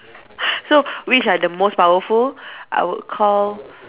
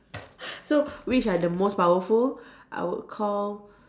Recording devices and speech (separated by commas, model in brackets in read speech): telephone, standing microphone, conversation in separate rooms